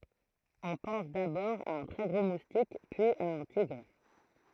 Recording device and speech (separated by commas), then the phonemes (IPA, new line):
throat microphone, read sentence
ɔ̃ pɑ̃s dabɔʁ a œ̃ tʁɛ ɡʁo mustik pyiz a œ̃ tiɡʁ